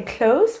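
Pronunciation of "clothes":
'Clothes' is pronounced incorrectly here.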